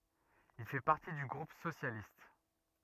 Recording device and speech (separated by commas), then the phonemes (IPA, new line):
rigid in-ear microphone, read sentence
il fɛ paʁti dy ɡʁup sosjalist